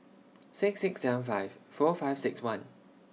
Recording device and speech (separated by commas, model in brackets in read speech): mobile phone (iPhone 6), read sentence